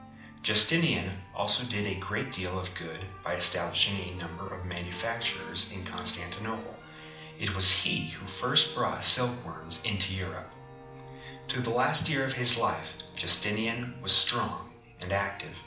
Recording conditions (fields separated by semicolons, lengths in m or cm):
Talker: one person; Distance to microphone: 2.0 m; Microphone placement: close; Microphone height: 99 cm; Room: medium-sized (5.7 m by 4.0 m); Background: music